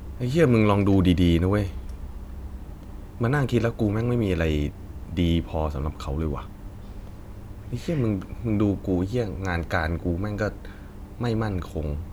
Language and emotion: Thai, frustrated